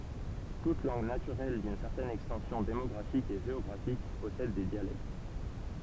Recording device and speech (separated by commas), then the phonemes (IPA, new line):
temple vibration pickup, read sentence
tut lɑ̃ɡ natyʁɛl dyn sɛʁtɛn ɛkstɑ̃sjɔ̃ demɔɡʁafik e ʒeɔɡʁafik pɔsɛd de djalɛkt